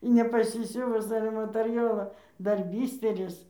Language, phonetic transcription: Lithuanian, i nepaˈsisiuvus ˈale materˈjolo ˈdar ˈbysteris

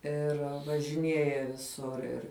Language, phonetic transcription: Lithuanian, ˈir važiˈnieja viˈsur ir

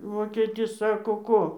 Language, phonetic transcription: Lithuanian, ˈvokėtis ˈsako ˈko

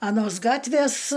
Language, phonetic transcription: Lithuanian, aˈnos ˈgatvės

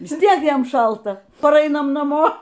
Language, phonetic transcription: Lithuanian, ˈvis ˈtiek ˈjam ˈšalta paˈrainam naˈmo

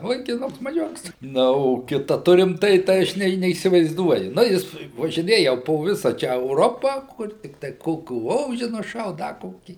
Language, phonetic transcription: Lithuanian, vaikiˈnuks maˈžiuks ˈna o ˈkita ˈturim ˈtai tai ˈaš ne neįsivaizˈduoju ˈna jis važiˈnėja po ˈvisa ˈčia euˈropa ˈkur tiktai ˈkokių ˈoži nuˈšaut ˈda ˈkokį

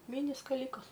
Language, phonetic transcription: Lithuanian, ˈmini skaˈlykas

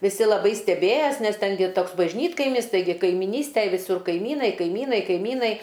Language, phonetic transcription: Lithuanian, viˈsi laˈbai steˈbėjas nes ˈten gi ˈtoks bažˈnytkaimis ˈtaigi kaimiˈnystæj viˈsur kaiˈmynai kaiˈmynai kaiˈmynai

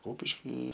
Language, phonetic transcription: Lithuanian, ˈkupiški

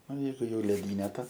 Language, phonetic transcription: Lithuanian, ˈnu ˈjeigu jau lriˈdyne ta

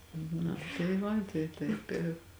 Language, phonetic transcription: Lithuanian, na tai ˈva tai ˈtaip i

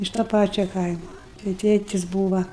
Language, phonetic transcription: Lithuanian, iš to ˈpačio ˈkaimo tai ˈtėtis ˈbūva

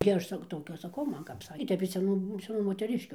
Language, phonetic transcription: Lithuanian, gi ˈaš ˈsak ˈtokia aš saˈkau ˈman kap ˈsakė i ˈtep iš seˈnų seˈnų moteˈriškiu

